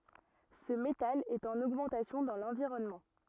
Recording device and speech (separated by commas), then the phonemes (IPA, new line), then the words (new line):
rigid in-ear microphone, read sentence
sə metal ɛt ɑ̃n oɡmɑ̃tasjɔ̃ dɑ̃ lɑ̃viʁɔnmɑ̃
Ce métal est en augmentation dans l'environnement.